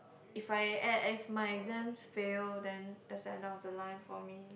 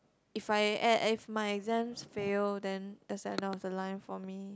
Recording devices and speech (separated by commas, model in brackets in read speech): boundary microphone, close-talking microphone, conversation in the same room